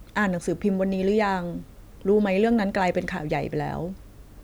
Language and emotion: Thai, neutral